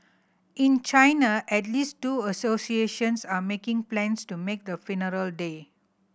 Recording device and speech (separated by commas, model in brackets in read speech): boundary microphone (BM630), read sentence